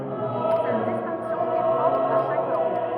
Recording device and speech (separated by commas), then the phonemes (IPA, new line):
rigid in-ear microphone, read sentence
sɛt distɛ̃ksjɔ̃ ɛ pʁɔpʁ a ʃak lɑ̃ɡ